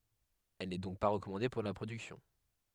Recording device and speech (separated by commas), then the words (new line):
headset microphone, read sentence
Elle n'est donc pas recommandée pour la production.